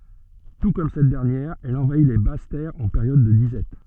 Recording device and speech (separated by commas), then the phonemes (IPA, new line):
soft in-ear microphone, read sentence
tu kɔm sɛt dɛʁnjɛʁ ɛl ɑ̃vai le bas tɛʁz ɑ̃ peʁjɔd də dizɛt